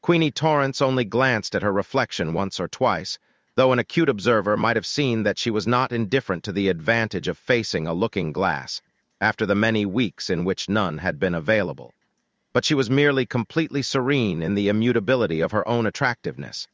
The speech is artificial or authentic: artificial